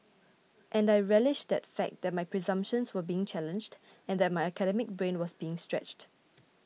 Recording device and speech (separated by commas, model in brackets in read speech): mobile phone (iPhone 6), read sentence